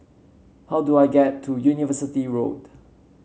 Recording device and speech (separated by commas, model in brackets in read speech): mobile phone (Samsung C7), read sentence